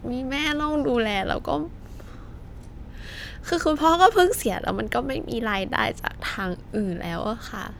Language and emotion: Thai, sad